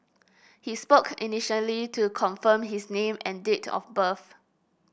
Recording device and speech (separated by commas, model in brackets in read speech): boundary microphone (BM630), read sentence